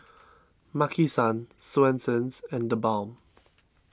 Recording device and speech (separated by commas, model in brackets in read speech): standing microphone (AKG C214), read sentence